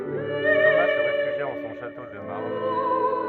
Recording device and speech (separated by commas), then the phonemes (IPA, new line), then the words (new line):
rigid in-ear microphone, read sentence
toma sə ʁefyʒja ɑ̃ sɔ̃ ʃato də maʁl
Thomas se réfugia en son château de Marle.